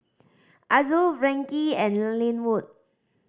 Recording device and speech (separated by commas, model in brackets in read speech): standing microphone (AKG C214), read sentence